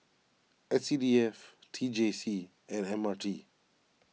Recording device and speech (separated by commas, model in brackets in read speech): mobile phone (iPhone 6), read sentence